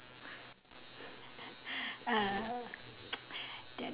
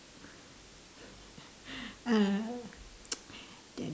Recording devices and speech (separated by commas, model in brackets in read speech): telephone, standing microphone, conversation in separate rooms